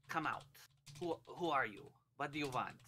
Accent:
Irish accent